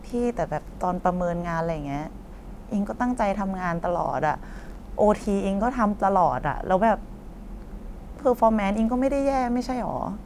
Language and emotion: Thai, frustrated